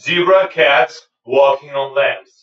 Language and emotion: English, neutral